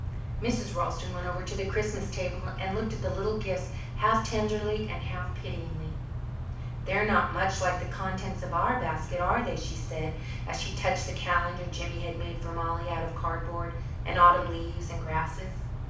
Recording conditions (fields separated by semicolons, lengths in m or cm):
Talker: one person; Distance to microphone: 5.8 m; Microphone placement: far; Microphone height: 1.8 m; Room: medium-sized (5.7 m by 4.0 m); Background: none